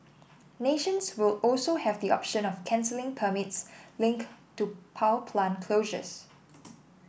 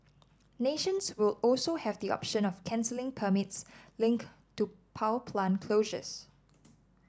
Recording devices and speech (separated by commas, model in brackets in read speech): boundary microphone (BM630), standing microphone (AKG C214), read sentence